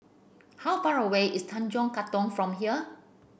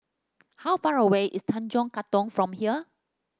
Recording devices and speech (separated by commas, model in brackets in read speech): boundary microphone (BM630), standing microphone (AKG C214), read sentence